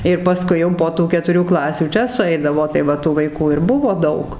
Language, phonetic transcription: Lithuanian, ir paˈskui jau po ˈtų ketuˈrių ˈklasių ˈčia suˈeidavo tai ˈva tų vaiˈkų ir ˈbuvo ˈdaug

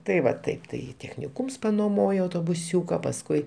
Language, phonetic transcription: Lithuanian, tai ˈva ˈtaip tai techniˈkūms noˈmojo autobuˈsiūka pasˈkui

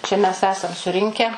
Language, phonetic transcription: Lithuanian, ˈčia mes ˈesam suˈrinkę

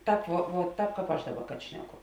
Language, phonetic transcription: Lithuanian, ˈtāp vuo vuo ˈtāp ˈkāp ˈaš ˈdaˌba kad ˈšneˌku

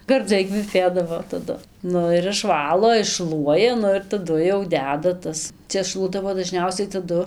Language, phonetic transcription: Lithuanian, garˈdzai kveˈpėdavo taˈdu ˈnu ir išˈvalo išˈšluoja ˈnu ir taˈdu jau ˈdeda ˈtas ˈčia ˈšluodavo daˈžniausiai taˈdu

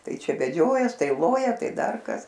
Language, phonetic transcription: Lithuanian, ˈtai ˈčia veˈdžiojas ˈtai ˈloja ˈtai ˈdar kas

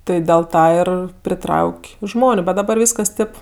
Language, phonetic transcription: Lithuanian, ˈtɜ dėl ˈtą ir priˈtrauk' ˈžmoniu ˈbet daˈbar ˈvyskas ˈtėp

